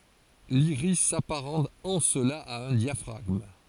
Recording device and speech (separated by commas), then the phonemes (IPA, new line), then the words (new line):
forehead accelerometer, read sentence
liʁis sapaʁɑ̃t ɑ̃ səla a œ̃ djafʁaɡm
L'iris s'apparente en cela à un diaphragme.